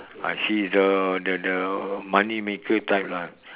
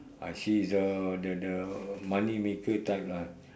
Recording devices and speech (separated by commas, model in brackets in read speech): telephone, standing microphone, conversation in separate rooms